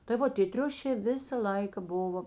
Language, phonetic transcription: Lithuanian, tai ˈvo tė ˈtriušė ˈvisa ˈlaika ˈbuvo

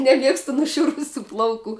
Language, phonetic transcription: Lithuanian, neˈmiegstu nuˈšiurusių ˈplauˌkų

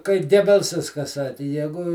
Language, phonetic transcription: Lithuanian, kai ˈgebelsas ka ˈsaki ˈjegu

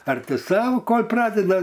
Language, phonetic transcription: Lithuanian, ˈar ˈti ˈsau ˈkol' ˈpradeda

